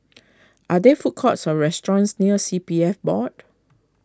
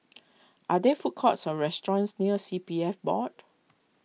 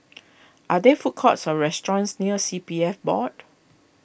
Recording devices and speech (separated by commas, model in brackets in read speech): close-talking microphone (WH20), mobile phone (iPhone 6), boundary microphone (BM630), read sentence